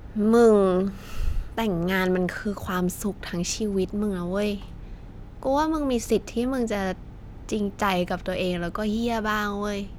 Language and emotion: Thai, neutral